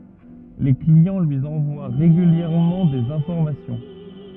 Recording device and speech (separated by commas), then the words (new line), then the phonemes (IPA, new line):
rigid in-ear microphone, read sentence
Les clients lui envoient régulièrement des informations.
le kliɑ̃ lyi ɑ̃vwa ʁeɡyljɛʁmɑ̃ dez ɛ̃fɔʁmasjɔ̃